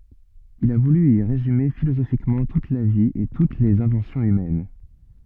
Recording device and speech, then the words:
soft in-ear microphone, read sentence
Il a voulu y résumer philosophiquement toute la vie et toutes les inventions humaines.

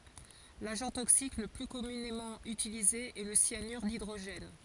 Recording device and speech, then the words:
forehead accelerometer, read sentence
L'agent toxique le plus communément utilisé est le cyanure d'hydrogène.

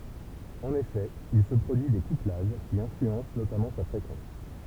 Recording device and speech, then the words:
temple vibration pickup, read sentence
En effet, il se produit des couplages, qui influencent notamment sa fréquence.

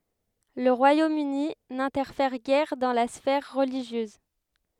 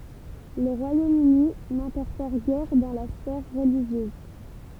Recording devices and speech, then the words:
headset microphone, temple vibration pickup, read sentence
Le Royaume-Uni n'interfère guère dans la sphère religieuse.

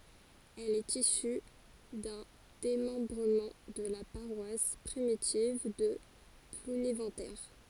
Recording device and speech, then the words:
forehead accelerometer, read sentence
Elle est issue d'un démembrement de la paroisse primitive de Plounéventer.

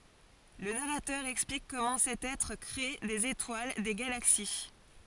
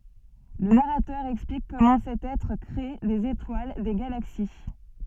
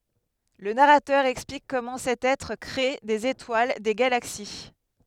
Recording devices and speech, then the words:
forehead accelerometer, soft in-ear microphone, headset microphone, read sentence
Le narrateur explique comment cet Être crée des étoiles, des galaxies.

